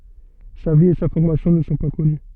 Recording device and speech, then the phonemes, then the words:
soft in-ear microphone, read sentence
sa vi e sa fɔʁmasjɔ̃ nə sɔ̃ pa kɔny
Sa vie et sa formation ne sont pas connues.

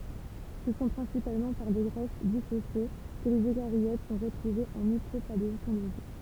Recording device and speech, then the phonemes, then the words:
temple vibration pickup, read sentence
sə sɔ̃ pʁɛ̃sipalmɑ̃ paʁ de ʁɛst disosje kə lez økaʁjot sɔ̃ ʁətʁuvez ɑ̃ mikʁopaleɔ̃toloʒi
Ce sont principalement par des restes dissociés que les eucaryotes sont retrouvés en micropaléontologie.

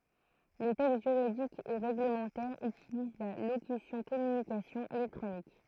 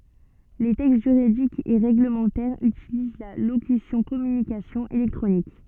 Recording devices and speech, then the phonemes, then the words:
throat microphone, soft in-ear microphone, read sentence
le tɛkst ʒyʁidikz e ʁeɡləmɑ̃tɛʁz ytiliz la lokysjɔ̃ kɔmynikasjɔ̃z elɛktʁonik
Les textes juridiques et réglementaires utilisent la locution communications électroniques.

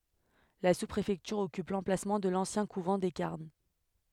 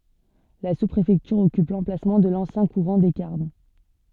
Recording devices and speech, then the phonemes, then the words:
headset microphone, soft in-ear microphone, read sentence
la suspʁefɛktyʁ ɔkyp lɑ̃plasmɑ̃ də lɑ̃sjɛ̃ kuvɑ̃ de kaʁm
La sous-préfecture occupe l'emplacement de l'ancien couvent des Carmes.

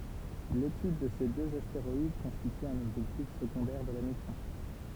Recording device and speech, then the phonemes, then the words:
temple vibration pickup, read sentence
letyd də se døz asteʁɔid kɔ̃stity œ̃n ɔbʒɛktif səɡɔ̃dɛʁ də la misjɔ̃
L'étude de ces deux astéroïdes constitue un objectif secondaire de la mission.

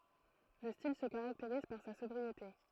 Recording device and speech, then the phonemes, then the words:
throat microphone, read sentence
lə stil sə kaʁakteʁiz paʁ sa sɔbʁiete
Le style se caractérise par sa sobriété.

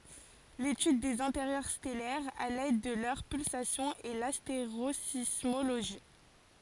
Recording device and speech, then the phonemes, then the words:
forehead accelerometer, read sentence
letyd dez ɛ̃teʁjœʁ stɛlɛʁz a lɛd də lœʁ pylsasjɔ̃z ɛ lasteʁozismoloʒi
L'étude des intérieurs stellaires à l'aide de leurs pulsations est l'astérosismologie.

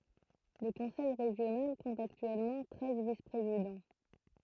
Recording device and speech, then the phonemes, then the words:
throat microphone, read sentence
lə kɔ̃sɛj ʁeʒjonal kɔ̃t aktyɛlmɑ̃ tʁɛz vispʁezidɑ̃
Le conseil régional compte actuellement treize vice-présidents.

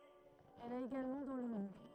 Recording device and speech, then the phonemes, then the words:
throat microphone, read sentence
ɛl a eɡalmɑ̃ dɑ̃ lə mɔ̃d
Elle a également dans le monde.

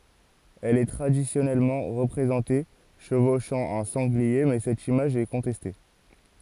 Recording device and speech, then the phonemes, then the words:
forehead accelerometer, read sentence
ɛl ɛ tʁadisjɔnɛlmɑ̃ ʁəpʁezɑ̃te ʃəvoʃɑ̃ œ̃ sɑ̃ɡlie mɛ sɛt imaʒ ɛ kɔ̃tɛste
Elle est traditionnellement représentée chevauchant un sanglier mais cette image est contestée.

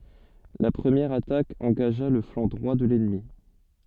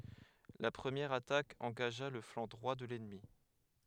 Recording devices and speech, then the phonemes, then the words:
soft in-ear microphone, headset microphone, read sentence
la pʁəmjɛʁ atak ɑ̃ɡaʒa lə flɑ̃ dʁwa də lɛnmi
La première attaque engagea le flanc droit de l’ennemi.

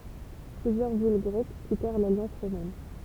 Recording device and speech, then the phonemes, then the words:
temple vibration pickup, read sentence
plyzjœʁ vil ɡʁɛk kitɛʁ laljɑ̃s ʁomɛn
Plusieurs villes grecques quittèrent l’alliance romaine.

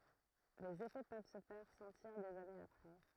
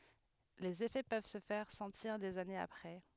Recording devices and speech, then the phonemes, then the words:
throat microphone, headset microphone, read sentence
lez efɛ pøv sə fɛʁ sɑ̃tiʁ dez anez apʁɛ
Les effets peuvent se faire sentir des années après.

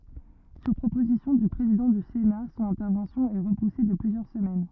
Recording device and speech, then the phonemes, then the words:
rigid in-ear microphone, read sentence
syʁ pʁopozisjɔ̃ dy pʁezidɑ̃ dy sena sɔ̃n ɛ̃tɛʁvɑ̃sjɔ̃ ɛ ʁəpuse də plyzjœʁ səmɛn
Sur proposition du président du Sénat, son intervention est repoussée de plusieurs semaines.

